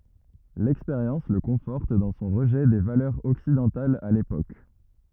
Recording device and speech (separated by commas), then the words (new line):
rigid in-ear microphone, read sentence
L'expérience le conforte dans son rejet des valeurs occidentales à l'époque.